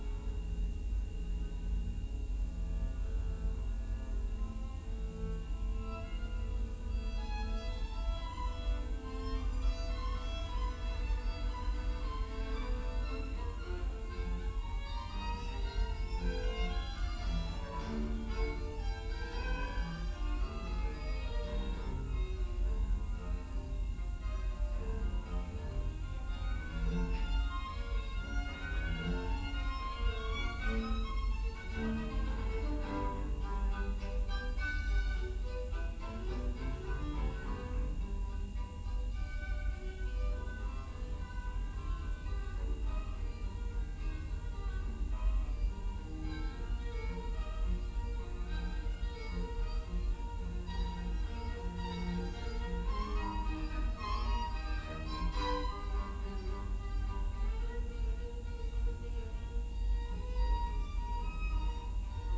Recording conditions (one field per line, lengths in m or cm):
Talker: no one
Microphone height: 1.8 m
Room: large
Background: music